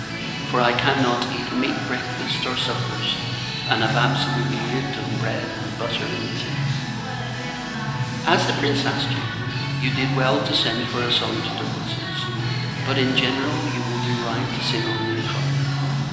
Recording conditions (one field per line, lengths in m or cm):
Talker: one person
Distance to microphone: 1.7 m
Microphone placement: close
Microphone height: 1.0 m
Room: very reverberant, large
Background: music